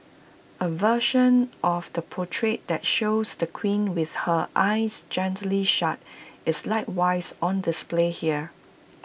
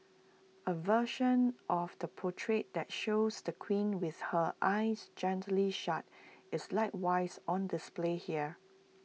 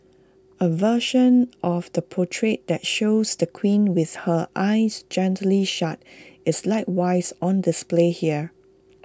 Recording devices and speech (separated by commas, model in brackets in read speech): boundary microphone (BM630), mobile phone (iPhone 6), close-talking microphone (WH20), read sentence